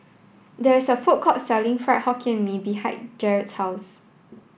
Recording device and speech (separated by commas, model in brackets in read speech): boundary microphone (BM630), read sentence